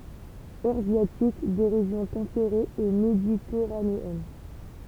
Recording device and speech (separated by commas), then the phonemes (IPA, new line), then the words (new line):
temple vibration pickup, read sentence
øʁazjatik de ʁeʒjɔ̃ tɑ̃peʁez e meditɛʁaneɛn
Eurasiatique des régions tempérées et méditerranéennes.